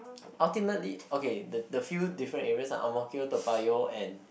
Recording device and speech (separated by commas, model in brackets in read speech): boundary microphone, conversation in the same room